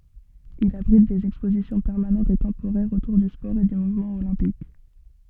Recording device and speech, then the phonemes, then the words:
soft in-ear microphone, read sentence
il abʁit dez ɛkspozisjɔ̃ pɛʁmanɑ̃tz e tɑ̃poʁɛʁz otuʁ dy spɔʁ e dy muvmɑ̃ olɛ̃pik
Il abrite des expositions permanentes et temporaires autour du sport et du mouvement olympique.

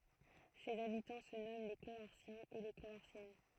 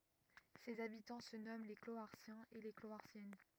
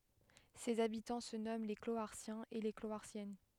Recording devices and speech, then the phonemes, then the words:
throat microphone, rigid in-ear microphone, headset microphone, read sentence
sez abitɑ̃ sə nɔmɑ̃ le kloaʁsjɛ̃z e le kloaʁsjɛn
Ses habitants se nomment les Cloharsiens et les Cloharsiennes.

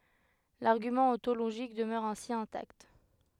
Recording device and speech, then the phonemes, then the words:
headset microphone, read sentence
laʁɡymɑ̃ ɔ̃toloʒik dəmœʁ ɛ̃si ɛ̃takt
L'argument ontologique demeure ainsi intact.

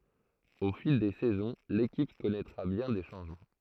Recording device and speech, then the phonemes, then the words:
throat microphone, read sentence
o fil de sɛzɔ̃ lekip kɔnɛtʁa bjɛ̃ de ʃɑ̃ʒmɑ̃
Au fil des saisons, l'équipe connaîtra bien des changements.

